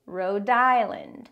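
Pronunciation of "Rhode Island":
In 'Rhode Island', the d sound at the end of 'Rhode' links straight into the vowel at the start of 'Island'.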